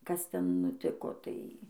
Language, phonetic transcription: Lithuanian, kas ˈten nuˈtiko ˈtai

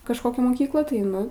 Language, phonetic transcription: Lithuanian, kažˈkokią moˈkyklą tai ˈnu

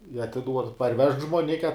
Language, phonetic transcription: Lithuanian, i atiˈduod parˈvežk žmoˈnike

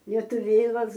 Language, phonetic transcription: Lithuanian, lietuˈvėlas

